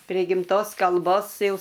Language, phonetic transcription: Lithuanian, prė gimˈtos kalˈbos ˈjau

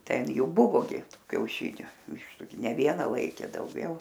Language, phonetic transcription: Lithuanian, ˈten ˈjų ˈbuvo gi ˈtų kiauˈšiniu ˈvištu gi ne ˈviena ˈlaikė dauˈgiau

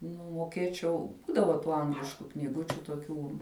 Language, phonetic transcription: Lithuanian, nu moˈkėčiau ˈbūdava ˈtų ˈanglišku ˈknygu toˈkių

